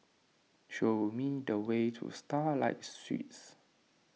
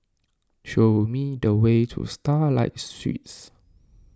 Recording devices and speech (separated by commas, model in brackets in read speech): mobile phone (iPhone 6), standing microphone (AKG C214), read sentence